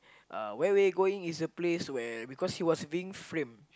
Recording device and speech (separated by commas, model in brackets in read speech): close-talking microphone, conversation in the same room